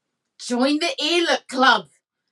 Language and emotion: English, disgusted